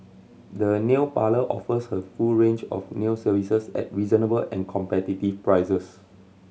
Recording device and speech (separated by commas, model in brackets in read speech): mobile phone (Samsung C7100), read sentence